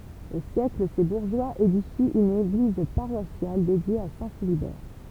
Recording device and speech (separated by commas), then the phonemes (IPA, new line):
temple vibration pickup, read sentence
o sjɛkl se buʁʒwaz edifi yn eɡliz paʁwasjal dedje a sɛ̃ filibɛʁ